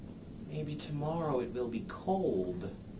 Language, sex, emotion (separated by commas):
English, male, neutral